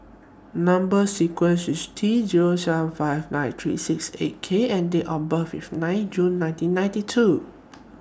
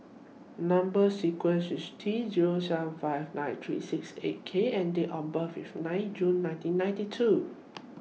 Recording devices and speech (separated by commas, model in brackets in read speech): standing microphone (AKG C214), mobile phone (iPhone 6), read sentence